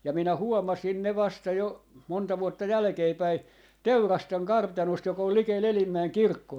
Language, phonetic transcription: Finnish, ja 'minä 'huomasin ne 'vasta jo , monta vuotta 'jälᵃ̈keepäi , "Teurasteŋ "kartanost jok ‿ol 'likel "Elimmäeŋ 'kirkkoo .
- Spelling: ja minä huomasin ne vasta jo monta vuotta jälkeenpäin Teurasten kartanosta joka on likellä Elimäen kirkkoa

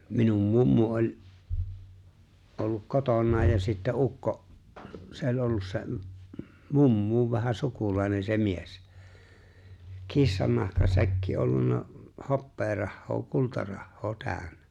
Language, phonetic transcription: Finnish, minum 'mummu oĺ , olluk 'kotonnaa ja sittä "ukko’ , 'se ‿oĺ ollus 'se’ , "mummuuv vähä 'sukulaine se 'mies , 'kissannahkasäkki ollunna , 'hoppeerahhoo 'kultarahhoo 'tä̀ön̆nᴀ̈ .
- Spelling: minun mummu oli ollut kotonaan ja sitten ukko se oli ollut se mummon vähän sukulainen se mies kissannahkasäkki ollut hopearahaa kultarahaa täynnä

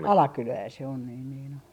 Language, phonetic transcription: Finnish, "Alakylää se on niin niin ‿o .
- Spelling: Alakylää se on niin niin on

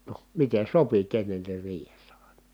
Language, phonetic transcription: Finnish, no , miten̬ sopi kennennir riihessä ài̮na .
- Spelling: no miten sopi kenenkin riihessä aina

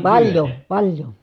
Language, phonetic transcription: Finnish, paĺjo , paĺjo .
- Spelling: paljon paljon

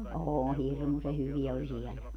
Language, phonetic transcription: Finnish, oo 'hirmuse 'hyvi₍ä oĺ 'siɛlä .
- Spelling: on hirmuisen hyviä oli siellä

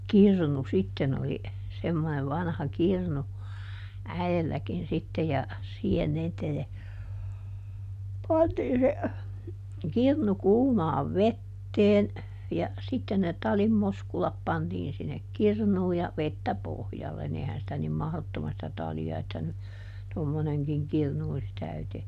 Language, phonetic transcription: Finnish, "kirnu ˈsitten ‿oli , semmonev ˈvanha ˈkirnu , ˈäi₍elläkin ˈsitte ja , ˈsiihen ˈniitä ja , ˈpantiin se , ˈkirnu "kuumaav "vetteen , ja , ˈsitten ne ˈtalim ˈmoskulap ˈpantiin sinnek "kirnuu ja , ˈvettä "pohjallen - ni ˈehän sitä nim ˈmahδottomas(tis) sⁱtä ˈtali₍a että ny , ˈtommoneŋkiŋ "kirnu (os) ˈtäytee .
- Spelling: kirnu sitten oli semmoinen vanha kirnu äidilläkin sitten ja siihen niitä ja pantiin se kirnu kuumaan veteen ja sitten ne talin moskulat pantiin sinne kirnuun ja vettä pohjalle niin eihän sitä niin mahdottomasti sitä talia että nyt tommoinenkin kirnu olisi täyteen

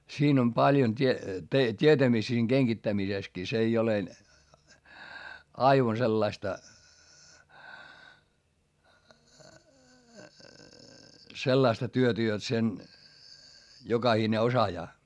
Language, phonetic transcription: Finnish, siin ‿om paljon t́ie- , t́ietämistä siiŋ GeŋGittämiseskii - s ‿ei ole , aivan sellaista , sellaista työtä jot sen , jokahine osajaa .
- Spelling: siinä on paljon - tietämistä siinä kengittämisessäkin se ei ole aivan sellaista sellaista työtä jotta sen jokainen osaa

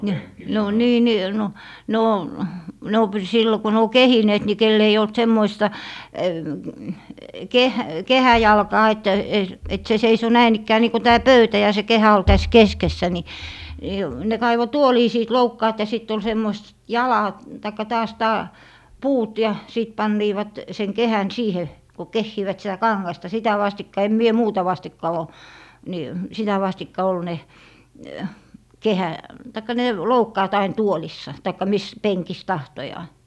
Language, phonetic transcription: Finnish, 'ni , ne o 'nii 'nii 'no , 'ne on , 'ne o py - 'sillo ko ne o "kehineet ni 'kell ‿ei olt 'semmoista , 'keh - "kehäjalkaa et , et 'se 'seiso 'näin ‿ikkää 'nii ko 'tää "pöytä ja se 'kehä ol 'täs "keskessä ni , ni , ne 'kaivo "tuolii 'siit 'loukkaat ja 'sitt ‿ol 'semmois- , "jala- , taikka 'taas 'taa- , "puut ja , 'sìt 'panniivat , seŋ 'kehän "siihe , ko 'kehhiivät sⁱtä "kaŋŋasta 'sitä 'vastikka 'em mie "muuta 'vastikka ò , ni , 'sitä vastikka 'ol 'ne , 'kehä- , taikka ne , "loukkaat ain 'tuolissa , taikka 'mis , 'peŋkis 'tahtojaa .
- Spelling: niin ne on niin niin no ne on ne on - silloin kun ne on kehineet niin kenellä ei ollut semmoista - kehäjalkaa että että se seisoi näin ikään niin kuin tämä pöytä ja se kehä oli tässä keskessä niin niin ne kaivoi tuolien siitä loukkaat ja sitten oli - - tai taas - puut ja sitten panivat sen kehän siihen kun kehivät sitä kangasta sitä vastikka en minä muuta vastikka ole niin sitä vastikka oli ne - tai ne loukkaat aina tuoleissa tai missä penkissä tahtoo

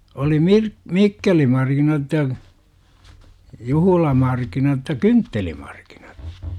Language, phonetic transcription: Finnish, oli 'mirk- , "mikkelimarkinat ja , "juhulamarkinat (j)a "kynttelimaRkINAt .
- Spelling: oli - mikkelimarkkinat ja juhlamarkkinat ja kynttelimarkkinat

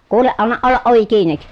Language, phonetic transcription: Finnish, kuuleʼ ʼannaʼ ʼollaʼ ʼovi kiinik !
- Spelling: kuule anna olla ovi kiinni

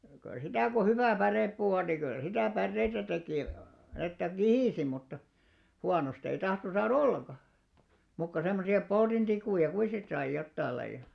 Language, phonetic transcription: Finnish, se , kyl 'sitä̀ ko 'hyvä̀ 'pärèppuu on ni kyl 'sitä̀ 'pärreitä tekì , että "kihìsi mutta , 'huanost ‿ei 'tahton̬ 'saa"r ‿olleŋɢa , muuk ko semmosi₍a 'poltintikùja 'kui sit sai 'jottail̆laiʲa .
- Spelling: se kyllä sitä kun hyvä pärepuu on niin kyllä sitä päreitä teki että kihisi mutta huonosta ei tahtonut saada ollenkaan muuta kuin semmoisia poltintikkuja kuinka sitten sai jotakin lajia

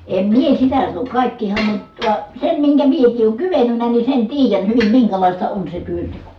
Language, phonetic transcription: Finnish, em mie sitä sano , kàikkihan ne , (tua) , sem miŋkä miek̀ii ʼooŋ kyvenynä ni sen tiijän hyvim miŋkälàista on se työnteko .
- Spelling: en minä sitä sano kaikkihan ne tuo sen minkä minäkin olen kyennyt niin sen tiedän hyvin minkälaista on se työnteko

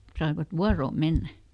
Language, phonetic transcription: Finnish, saivat ˈvuaroom̆ ˈmennä .
- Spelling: saivat vuoroon mennä

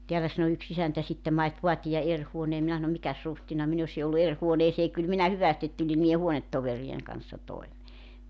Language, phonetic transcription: Finnish, 'teälä sano 'yks 'isäntä sittem » 'mait "voatija 'er 'huonee « 'minä sano » 'mikäs "ruhtina 'min ‿osi ollu 'er 'huoneesee 'kyl 'minä 'hyvästit 'tuĺi niije "huonettoveri₍eŋ kanssa 'toimee « .
- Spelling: täällä sanoi yksi isäntä sitten mait vaatia eri huoneen minä sanoin mikäs ruhtinas minä olisin ollut eri huoneeseen kyllä minä hyvästi tulin niiden huonetoverien kanssa toimeen

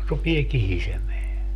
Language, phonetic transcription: Finnish, 'rupie 'kihisemeä .
- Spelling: rupeaa kihisemään

